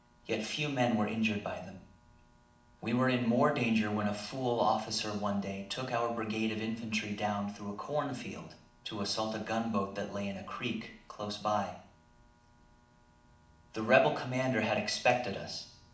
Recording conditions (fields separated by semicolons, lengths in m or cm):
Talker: one person; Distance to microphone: 2.0 m; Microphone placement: close; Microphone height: 99 cm; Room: medium-sized (5.7 m by 4.0 m); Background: none